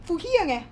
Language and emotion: Thai, angry